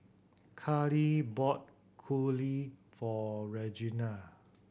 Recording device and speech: boundary microphone (BM630), read sentence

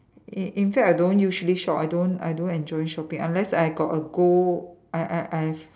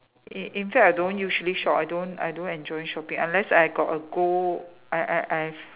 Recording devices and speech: standing microphone, telephone, conversation in separate rooms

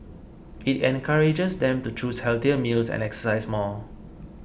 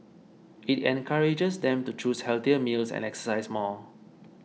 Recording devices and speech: boundary microphone (BM630), mobile phone (iPhone 6), read sentence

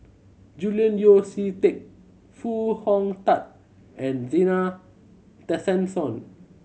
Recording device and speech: mobile phone (Samsung C7100), read sentence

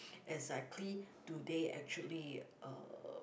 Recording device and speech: boundary microphone, conversation in the same room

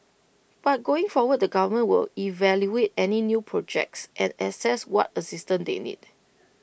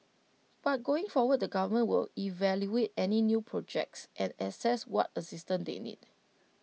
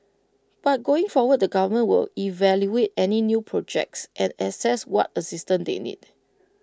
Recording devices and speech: boundary microphone (BM630), mobile phone (iPhone 6), close-talking microphone (WH20), read sentence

